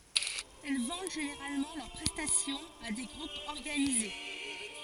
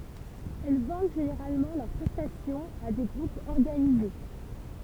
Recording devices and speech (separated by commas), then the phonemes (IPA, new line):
forehead accelerometer, temple vibration pickup, read sentence
ɛl vɑ̃d ʒeneʁalmɑ̃ lœʁ pʁɛstasjɔ̃z a de ɡʁupz ɔʁɡanize